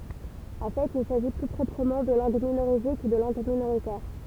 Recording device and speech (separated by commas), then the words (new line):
temple vibration pickup, read sentence
En fait, il s'agit plus proprement de langues minorisées que de langues minoritaires.